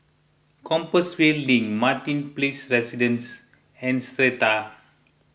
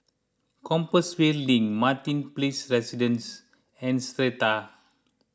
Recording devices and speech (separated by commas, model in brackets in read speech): boundary microphone (BM630), close-talking microphone (WH20), read sentence